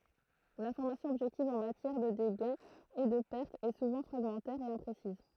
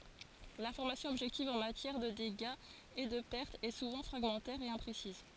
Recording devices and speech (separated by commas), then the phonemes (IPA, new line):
throat microphone, forehead accelerometer, read sentence
lɛ̃fɔʁmasjɔ̃ ɔbʒɛktiv ɑ̃ matjɛʁ də deɡaz e də pɛʁtz ɛ suvɑ̃ fʁaɡmɑ̃tɛʁ e ɛ̃pʁesiz